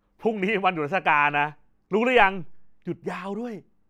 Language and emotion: Thai, happy